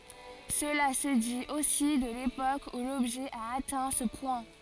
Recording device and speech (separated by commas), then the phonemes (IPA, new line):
forehead accelerometer, read sentence
səla sə dit osi də lepok u lɔbʒɛ a atɛ̃ sə pwɛ̃